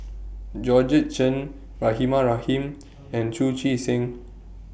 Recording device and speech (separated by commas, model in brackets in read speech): boundary microphone (BM630), read sentence